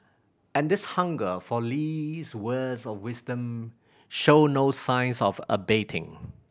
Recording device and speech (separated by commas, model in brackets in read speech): boundary microphone (BM630), read sentence